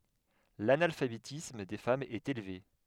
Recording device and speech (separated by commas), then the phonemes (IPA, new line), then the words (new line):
headset microphone, read sentence
lanalfabetism de famz ɛt elve
L'analphabétisme des femmes est élevé.